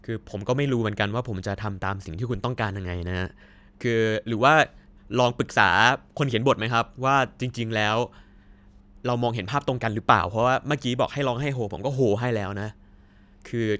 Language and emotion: Thai, neutral